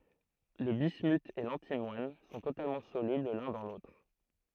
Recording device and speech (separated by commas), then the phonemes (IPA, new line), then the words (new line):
throat microphone, read sentence
lə bismyt e lɑ̃timwan sɔ̃ totalmɑ̃ solybl lœ̃ dɑ̃ lotʁ
Le bismuth et l'antimoine sont totalement solubles l'un dans l'autre.